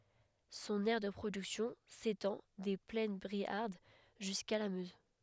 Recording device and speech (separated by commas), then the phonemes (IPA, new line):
headset microphone, read sentence
sɔ̃n ɛʁ də pʁodyksjɔ̃ setɑ̃ de plɛn bʁiaʁd ʒyska la møz